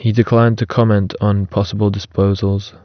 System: none